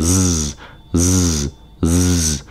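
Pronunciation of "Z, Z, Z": The z sound is said three times. It is voiced and a little deeper.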